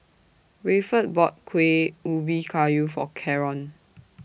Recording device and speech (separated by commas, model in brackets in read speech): boundary microphone (BM630), read sentence